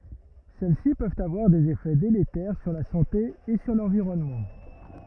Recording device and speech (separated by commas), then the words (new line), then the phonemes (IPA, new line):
rigid in-ear microphone, read sentence
Celles-ci peuvent avoir des effets délétères sur la santé et sur l'environnement.
sɛl si pøvt avwaʁ dez efɛ deletɛʁ syʁ la sɑ̃te e syʁ lɑ̃viʁɔnmɑ̃